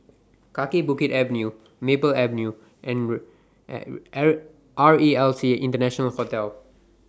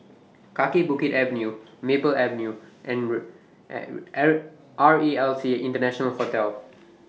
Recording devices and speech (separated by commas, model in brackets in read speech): standing microphone (AKG C214), mobile phone (iPhone 6), read sentence